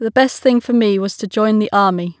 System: none